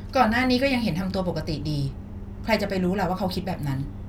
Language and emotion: Thai, frustrated